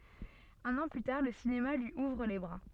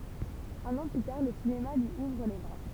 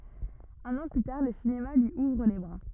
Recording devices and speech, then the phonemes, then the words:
soft in-ear microphone, temple vibration pickup, rigid in-ear microphone, read sentence
œ̃n ɑ̃ ply taʁ lə sinema lyi uvʁ le bʁa
Un an plus tard, le cinéma lui ouvre les bras.

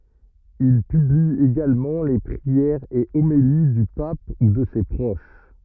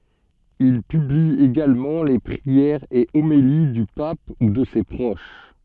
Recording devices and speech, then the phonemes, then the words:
rigid in-ear microphone, soft in-ear microphone, read sentence
il pybli eɡalmɑ̃ le pʁiɛʁz e omeli dy pap u də se pʁoʃ
Il publie également les prières et homélies du pape ou de ses proches.

